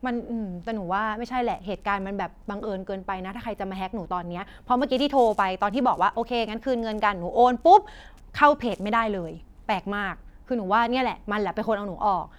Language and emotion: Thai, frustrated